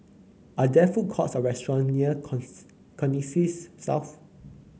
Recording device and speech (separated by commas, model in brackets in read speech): mobile phone (Samsung C9), read sentence